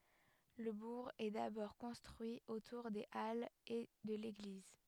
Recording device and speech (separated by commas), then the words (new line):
headset microphone, read sentence
Le bourg est d'abord construit autour des halles et de l'église.